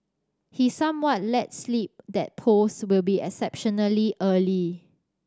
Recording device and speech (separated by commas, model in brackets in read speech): standing microphone (AKG C214), read sentence